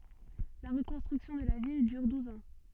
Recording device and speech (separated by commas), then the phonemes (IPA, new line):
soft in-ear microphone, read sentence
la ʁəkɔ̃stʁyksjɔ̃ də la vil dyʁ duz ɑ̃